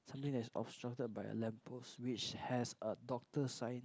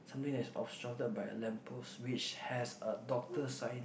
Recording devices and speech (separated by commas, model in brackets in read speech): close-talking microphone, boundary microphone, conversation in the same room